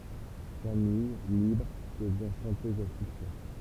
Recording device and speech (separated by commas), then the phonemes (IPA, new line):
temple vibration pickup, read sentence
kamij libʁ dəvjɛ̃ ʃɑ̃tøz a syksɛ